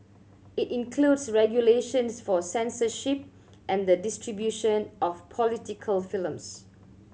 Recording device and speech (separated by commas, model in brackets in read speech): mobile phone (Samsung C7100), read sentence